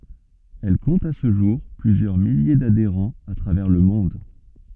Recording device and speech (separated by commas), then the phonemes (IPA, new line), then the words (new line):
soft in-ear microphone, read sentence
ɛl kɔ̃t a sə ʒuʁ plyzjœʁ milje dadeʁɑ̃z a tʁavɛʁ lə mɔ̃d
Elle compte à ce jour plusieurs milliers d'adhérents à travers le monde.